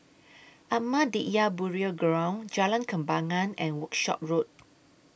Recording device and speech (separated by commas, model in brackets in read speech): boundary microphone (BM630), read sentence